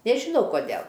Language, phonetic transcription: Lithuanian, nežiˈnau koˈdėl

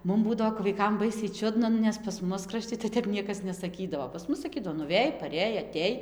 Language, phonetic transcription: Lithuanian, ˈmum ˈbūdavo kap vaiˈkam ˈbaisiai ˈčiudna ˈnu nes pas ˈmus kraˈšti tai ˈtep ˈniekas nesaˈkydavo pas ˈmus saˈkydavo pas ˈmus saˈkydavo nuˈvėj paˈrėj aˈtėj

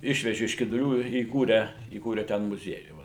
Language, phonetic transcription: Lithuanian, ˈišveži iš kiduˈlių i įˈkūrę įˈkūre ˈten muˈziejų ˈva

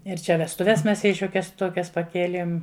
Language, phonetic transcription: Lithuanian, ir ˈčia vestuˈves ˈmes ˈjai ˈšiuokias ˈtuokias paˈkielėm

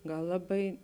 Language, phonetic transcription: Lithuanian, ˈgal ˈlaˌbai

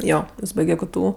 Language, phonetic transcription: Lithuanian, ˈjo ˈjis ˈbaige ˈktu

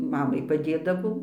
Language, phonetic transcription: Lithuanian, ˈmamai paˈdėdavau

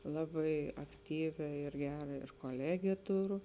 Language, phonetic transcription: Lithuanian, ˈlabai akˈtyvia ir ˈgera ir koˈlegė ˈturu

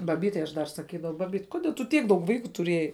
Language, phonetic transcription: Lithuanian, baˈbytei aš dar saˈkydavau ˈbabyt koˈdie tu ˈtiek daug ˈvaiku tuˈriejai

